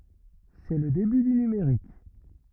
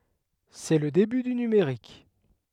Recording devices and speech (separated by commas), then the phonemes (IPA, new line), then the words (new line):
rigid in-ear microphone, headset microphone, read sentence
sɛ lə deby dy nymeʁik
C'est le début du numérique.